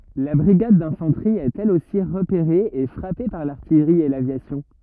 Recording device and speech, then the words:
rigid in-ear microphone, read sentence
La brigade d'infanterie est elle aussi repérée et frappée par l'artillerie et l'aviation.

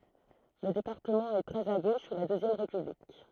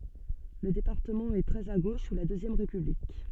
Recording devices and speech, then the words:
throat microphone, soft in-ear microphone, read sentence
Le département est très à gauche sous la Deuxième République.

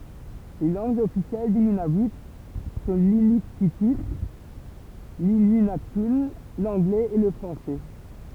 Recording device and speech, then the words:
temple vibration pickup, read sentence
Les langues officielles du Nunavut sont l'inuktitut, l'inuinnaqtun, l'anglais et le français.

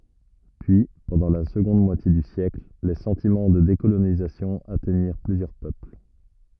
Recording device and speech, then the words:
rigid in-ear microphone, read sentence
Puis, pendant la seconde moitié du siècle, les sentiments de décolonisation atteignirent plusieurs peuples.

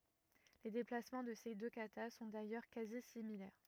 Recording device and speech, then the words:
rigid in-ear microphone, read sentence
Les déplacements de ces deux katas sont d'ailleurs quasi similaires.

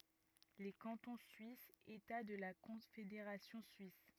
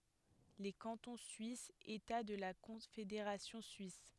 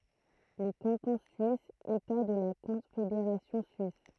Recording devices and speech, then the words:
rigid in-ear microphone, headset microphone, throat microphone, read sentence
Les cantons suisses, États de la Confédération suisse.

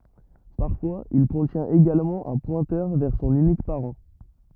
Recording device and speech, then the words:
rigid in-ear microphone, read sentence
Parfois, il contient également un pointeur vers son unique parent.

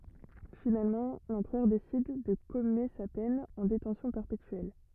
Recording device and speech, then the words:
rigid in-ear microphone, read sentence
Finalement l'empereur décide de commuer sa peine en détention perpétuelle.

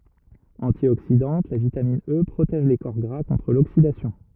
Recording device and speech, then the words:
rigid in-ear microphone, read sentence
Antioxydante, la vitamine E protège les corps gras contre l'oxydation.

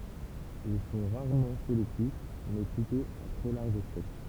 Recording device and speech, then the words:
temple vibration pickup, read sentence
Ils sont rarement sélectifs, mais plutôt à très large spectre.

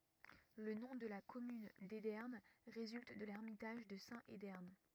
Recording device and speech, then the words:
rigid in-ear microphone, read sentence
Le nom de la commune d'Edern résulte de l'ermitage de saint Edern.

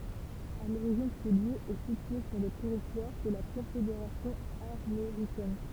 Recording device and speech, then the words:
temple vibration pickup, read sentence
À l'origine ce lieu est situé sur le territoire de la confédération armoricaine.

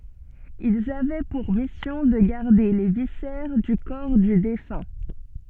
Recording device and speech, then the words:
soft in-ear microphone, read sentence
Ils avaient pour mission de garder les viscères du corps du défunt.

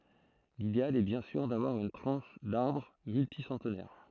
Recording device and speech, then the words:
throat microphone, read sentence
L'idéal est bien sûr d'avoir une tranche d'arbre multi-centenaire.

